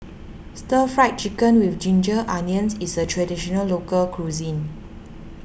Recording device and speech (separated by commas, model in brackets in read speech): boundary microphone (BM630), read sentence